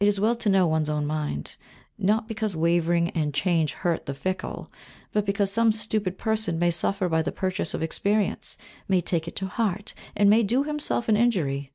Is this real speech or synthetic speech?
real